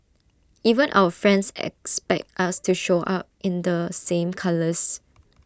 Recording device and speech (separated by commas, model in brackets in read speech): standing microphone (AKG C214), read sentence